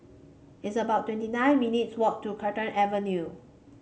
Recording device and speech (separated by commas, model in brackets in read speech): mobile phone (Samsung C5), read sentence